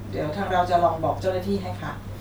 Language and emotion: Thai, neutral